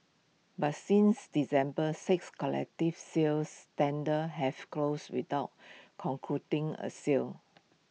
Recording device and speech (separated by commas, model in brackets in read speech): mobile phone (iPhone 6), read sentence